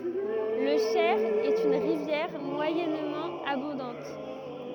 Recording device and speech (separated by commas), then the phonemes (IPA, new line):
rigid in-ear microphone, read sentence
lə ʃɛʁ ɛt yn ʁivjɛʁ mwajɛnmɑ̃ abɔ̃dɑ̃t